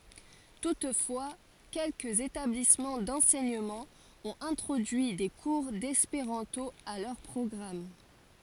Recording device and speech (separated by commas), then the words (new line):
forehead accelerometer, read sentence
Toutefois quelques établissements d'enseignement ont introduit des cours d'espéranto à leur programme.